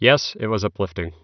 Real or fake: real